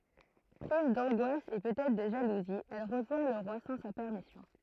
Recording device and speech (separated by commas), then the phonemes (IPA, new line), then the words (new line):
throat microphone, read sentence
pʁiz dɑ̃ɡwas e pøt ɛtʁ də ʒaluzi ɛl ʁəʒwɛ̃ lə ʁwa sɑ̃ sa pɛʁmisjɔ̃
Prise d'angoisse et peut être de jalousie, elle rejoint le roi sans sa permission.